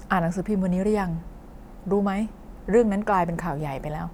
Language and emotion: Thai, neutral